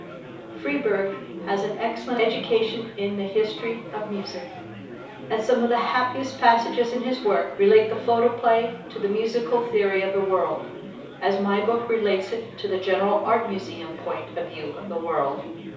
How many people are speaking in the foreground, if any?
One person.